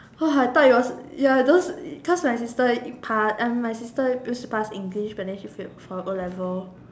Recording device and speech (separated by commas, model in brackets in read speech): standing microphone, conversation in separate rooms